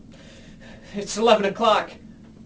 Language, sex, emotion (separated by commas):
English, male, fearful